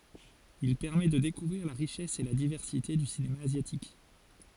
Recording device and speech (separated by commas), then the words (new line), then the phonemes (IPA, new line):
forehead accelerometer, read sentence
Il permet de découvrir la richesse et la diversité du cinéma asiatique.
il pɛʁmɛ də dekuvʁiʁ la ʁiʃɛs e la divɛʁsite dy sinema azjatik